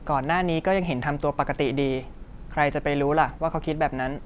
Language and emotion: Thai, neutral